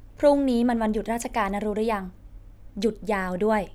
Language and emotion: Thai, neutral